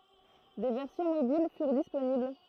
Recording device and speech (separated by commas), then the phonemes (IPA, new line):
throat microphone, read sentence
de vɛʁsjɔ̃ mobil fyʁ disponibl